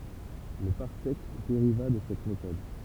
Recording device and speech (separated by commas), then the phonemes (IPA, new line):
temple vibration pickup, read sentence
lə paʁsɛk deʁiva də sɛt metɔd